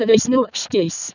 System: VC, vocoder